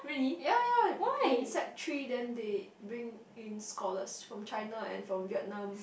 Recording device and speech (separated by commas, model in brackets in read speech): boundary microphone, conversation in the same room